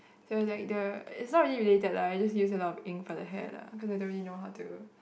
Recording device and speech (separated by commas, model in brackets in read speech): boundary microphone, conversation in the same room